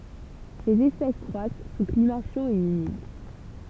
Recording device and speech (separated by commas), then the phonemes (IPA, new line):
temple vibration pickup, read sentence
sez ɛspɛs kʁwas su klima ʃo e ymid